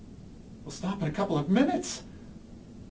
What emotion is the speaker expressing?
fearful